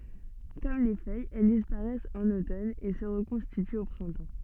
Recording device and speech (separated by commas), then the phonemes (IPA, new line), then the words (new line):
soft in-ear microphone, read sentence
kɔm le fœjz ɛl dispaʁɛst ɑ̃n otɔn e sə ʁəkɔ̃stityt o pʁɛ̃tɑ̃
Comme les feuilles, elles disparaissent en automne et se reconstituent au printemps.